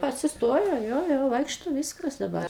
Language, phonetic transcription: Lithuanian, atsiˈstojo ˈjo ˈjo ˈvaikšto ˈvyskas daˈbar

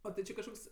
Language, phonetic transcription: Lithuanian, ˈo ti ˈči kažˈkoks

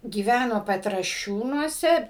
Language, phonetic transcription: Lithuanian, gyˈvæno petraˈšiūnuose

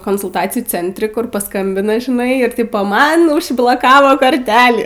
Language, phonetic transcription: Lithuanian, konsulˈtacijų ˈcentri ˈkur paˈskambina žiˈnai ir ˈtipo man užbloˈkavo korˈtelį

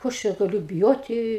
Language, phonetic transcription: Lithuanian, ˈko aš ˈčia gaˈliu biˈjoti

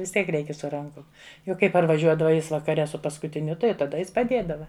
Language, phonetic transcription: Lithuanian, vis ˈtiek ˈreikia su ˈrankum ˈjau ˈkai parvaˈžiuodava ˈjis vakaˈre su paskutiˈniu ˈtai jau taˈda ˈjis paˈdėdava

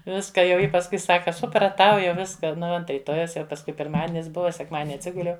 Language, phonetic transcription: Lithuanian, ˈviska jau ˈji pasˈkui ˈsaka supraˈtau jau ˈviska ˈnu ˈva ˈant ryˈtojaus jau pasˈkui pirˈmadinis ˈbuva sekˈmadini atˈsiguliau

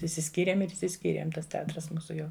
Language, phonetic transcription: Lithuanian, išsiˈskyrėm ir išsiˈskyrėm ˈtas teˈatras ˈmūsu ˈjau

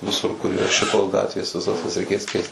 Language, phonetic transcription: Lithuanian, viˈsur kur yˈra ˈšitos ˈgatvės viˈsas jas reiˈkės ˈkeist

